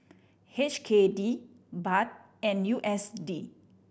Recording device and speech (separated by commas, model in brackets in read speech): boundary microphone (BM630), read sentence